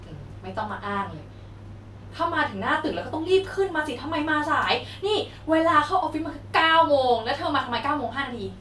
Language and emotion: Thai, frustrated